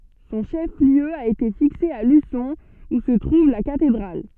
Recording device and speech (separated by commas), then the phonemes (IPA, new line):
soft in-ear microphone, read sentence
sɔ̃ ʃɛf ljø a ete fikse a lysɔ̃ u sə tʁuv la katedʁal